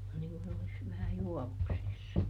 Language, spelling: Finnish, on niin kuin olisi vähän juovuksissa
- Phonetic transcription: on niŋ kun olis , vähä "juɔvuksissa .

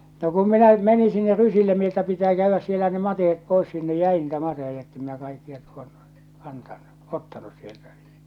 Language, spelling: Finnish, no kun minä menin sinne rysille minä että pitää käydä siellä ne mateet pois sinne jäi niitä mateita että en minä kaikkia tuonne kantanut ottanut sieltä
- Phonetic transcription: no kum 'minä "meni sinner 'rysille mi ‿että pitää käyvväs sielä ne 'matehet 'pois sinne "jäi niitä 'mateheja ettem minä 'kaikkia tuonnᴜ , 'kantannu , 'ottanus sieltä .

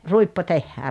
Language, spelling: Finnish, ruippo tehdään
- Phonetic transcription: 'ruippo "tehhää ?

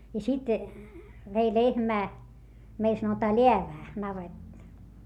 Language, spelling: Finnish, ja sitten vei lehmää meillä sanotaan läävään navetta
- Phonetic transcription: ja sit , vei lehmää , meil sanotaa leävää , navetᵗᵃ .

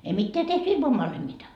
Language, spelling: Finnish, ei mitään tehty ilman vanhemmitta
- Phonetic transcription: ei "mitteä 'tehty 'ilmav vanhemmita .

